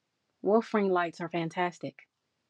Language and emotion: English, surprised